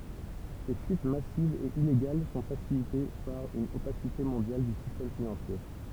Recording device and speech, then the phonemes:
temple vibration pickup, read sentence
se fyit masivz e ileɡal sɔ̃ fasilite paʁ yn opasite mɔ̃djal dy sistɛm finɑ̃sje

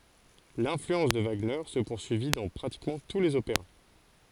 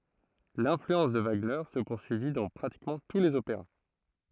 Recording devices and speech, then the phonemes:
forehead accelerometer, throat microphone, read sentence
lɛ̃flyɑ̃s də vaɡnɛʁ sə puʁsyivi dɑ̃ pʁatikmɑ̃ tu lez opeʁa

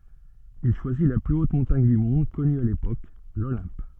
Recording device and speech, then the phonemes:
soft in-ear microphone, read sentence
il ʃwazi la ply ot mɔ̃taɲ dy mɔ̃d kɔny a lepok lolɛ̃p

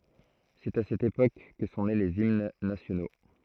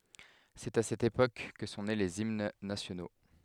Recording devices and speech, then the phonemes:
throat microphone, headset microphone, read sentence
sɛt a sɛt epok kə sɔ̃ ne lez imn nasjono

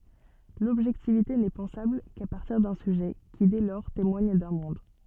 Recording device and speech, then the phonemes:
soft in-ear microphone, read sentence
lɔbʒɛktivite nɛ pɑ̃sabl ka paʁtiʁ dœ̃ syʒɛ ki dɛ lɔʁ temwaɲ dœ̃ mɔ̃d

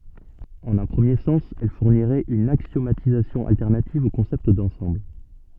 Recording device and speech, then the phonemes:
soft in-ear microphone, read sentence
ɑ̃n œ̃ pʁəmje sɑ̃s ɛl fuʁniʁɛt yn aksjomatizasjɔ̃ altɛʁnativ o kɔ̃sɛpt dɑ̃sɑ̃bl

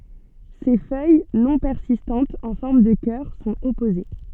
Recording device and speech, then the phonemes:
soft in-ear microphone, read sentence
se fœj nɔ̃ pɛʁsistɑ̃tz ɑ̃ fɔʁm də kœʁ sɔ̃t ɔpoze

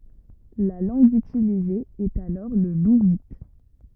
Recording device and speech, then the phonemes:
rigid in-ear microphone, read sentence
la lɑ̃ɡ ytilize ɛt alɔʁ lə luvit

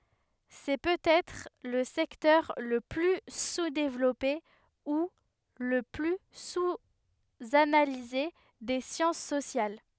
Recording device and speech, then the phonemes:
headset microphone, read sentence
sɛ pøtɛtʁ lə sɛktœʁ lə ply suzdevlɔpe u lə ply suzanalize de sjɑ̃s sosjal

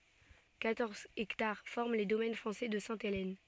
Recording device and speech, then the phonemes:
soft in-ear microphone, read sentence
kwatɔʁz ɛktaʁ fɔʁm le domɛn fʁɑ̃sɛ də sɛ̃telɛn

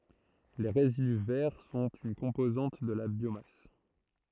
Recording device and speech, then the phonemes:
throat microphone, read sentence
le ʁezidy vɛʁ sɔ̃t yn kɔ̃pozɑ̃t də la bjomas

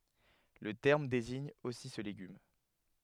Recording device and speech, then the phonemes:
headset microphone, read sentence
lə tɛʁm deziɲ osi sə leɡym

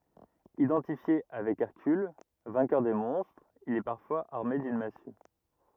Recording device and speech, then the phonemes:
rigid in-ear microphone, read sentence
idɑ̃tifje avɛk ɛʁkyl vɛ̃kœʁ de mɔ̃stʁz il ɛ paʁfwaz aʁme dyn masy

